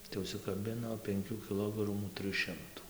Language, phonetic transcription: Lithuanian, tai užsikaˈbino penˈkių kiˈlogramų ˈtrɨj ˈšimtų

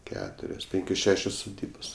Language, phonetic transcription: Lithuanian, ˈketurios ˈpinkios ˈšešios suˈdybos

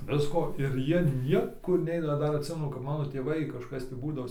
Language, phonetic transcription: Lithuanian, ˈvisko ir ˈjie ˈniekur ˈneina ˈdar atˈsimenu kap ˈmano tėˈvai kažˈkas tį ˈbūdavo

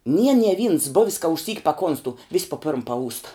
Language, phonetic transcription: Lithuanian, nie nie vyns ˈbuvis ka išˈsyk paˈkonstu vis po pirm paˈūsta

